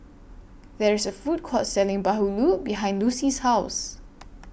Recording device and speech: boundary microphone (BM630), read sentence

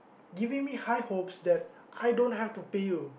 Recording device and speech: boundary microphone, conversation in the same room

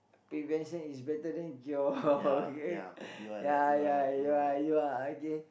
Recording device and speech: boundary microphone, conversation in the same room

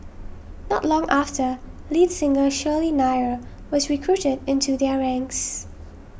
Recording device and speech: boundary microphone (BM630), read sentence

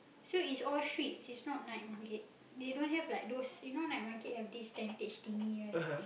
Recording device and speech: boundary microphone, conversation in the same room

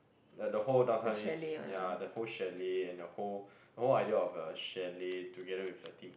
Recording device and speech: boundary microphone, conversation in the same room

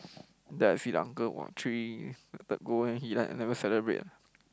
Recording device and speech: close-talking microphone, conversation in the same room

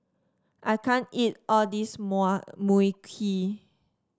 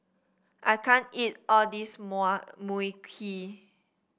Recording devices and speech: standing microphone (AKG C214), boundary microphone (BM630), read sentence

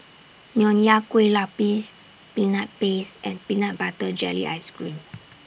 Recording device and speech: boundary microphone (BM630), read sentence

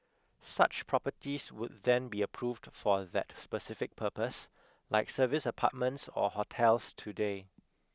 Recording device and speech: close-talking microphone (WH20), read sentence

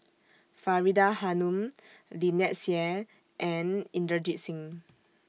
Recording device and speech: mobile phone (iPhone 6), read sentence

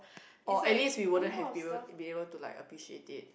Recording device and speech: boundary microphone, conversation in the same room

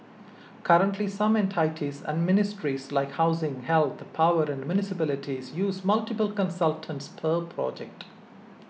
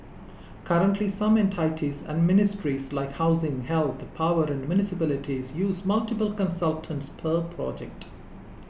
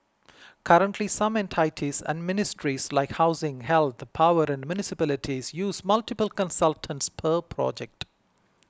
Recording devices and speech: mobile phone (iPhone 6), boundary microphone (BM630), close-talking microphone (WH20), read sentence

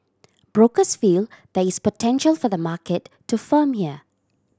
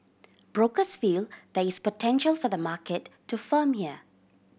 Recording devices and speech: standing microphone (AKG C214), boundary microphone (BM630), read sentence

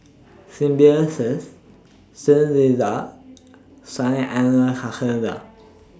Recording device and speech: standing microphone (AKG C214), read sentence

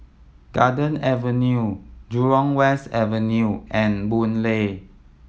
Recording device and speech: mobile phone (iPhone 7), read sentence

